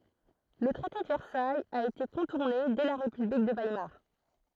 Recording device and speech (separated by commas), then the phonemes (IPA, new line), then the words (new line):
throat microphone, read sentence
lə tʁɛte də vɛʁsajz a ete kɔ̃tuʁne dɛ la ʁepyblik də vajmaʁ
Le traité de Versailles a été contourné dès la république de Weimar.